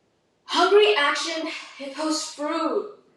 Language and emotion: English, sad